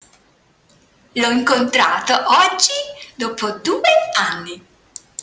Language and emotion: Italian, happy